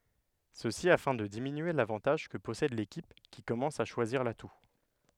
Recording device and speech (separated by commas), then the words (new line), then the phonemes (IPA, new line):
headset microphone, read sentence
Ceci afin de diminuer l'avantage que possède l'équipe qui commence à choisir l'atout.
səsi afɛ̃ də diminye lavɑ̃taʒ kə pɔsɛd lekip ki kɔmɑ̃s a ʃwaziʁ latu